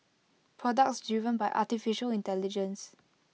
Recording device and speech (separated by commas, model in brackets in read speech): mobile phone (iPhone 6), read sentence